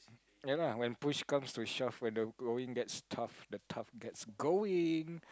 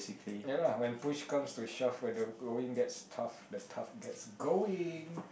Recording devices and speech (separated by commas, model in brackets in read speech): close-talking microphone, boundary microphone, conversation in the same room